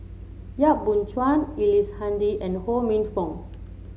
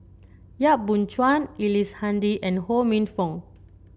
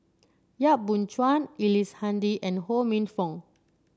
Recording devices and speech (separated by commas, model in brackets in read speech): mobile phone (Samsung C7), boundary microphone (BM630), standing microphone (AKG C214), read sentence